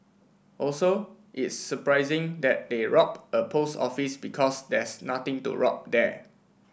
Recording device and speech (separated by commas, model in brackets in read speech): boundary microphone (BM630), read sentence